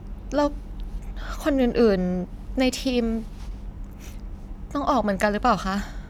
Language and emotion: Thai, sad